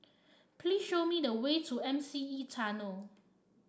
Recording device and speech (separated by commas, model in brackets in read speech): standing microphone (AKG C214), read sentence